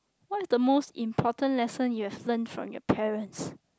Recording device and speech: close-talking microphone, conversation in the same room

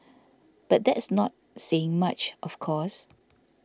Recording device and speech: standing microphone (AKG C214), read sentence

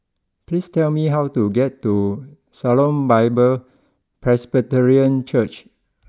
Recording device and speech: close-talking microphone (WH20), read sentence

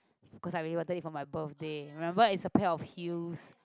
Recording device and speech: close-talking microphone, conversation in the same room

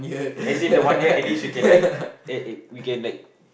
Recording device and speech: boundary microphone, conversation in the same room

